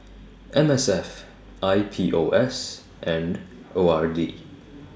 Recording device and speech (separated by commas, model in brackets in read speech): standing microphone (AKG C214), read sentence